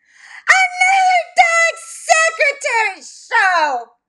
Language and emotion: English, disgusted